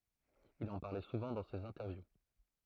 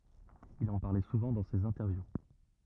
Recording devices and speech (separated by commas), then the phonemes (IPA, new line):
throat microphone, rigid in-ear microphone, read sentence
il ɑ̃ paʁlɛ suvɑ̃ dɑ̃ sez ɛ̃tɛʁvju